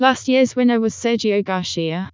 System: TTS, vocoder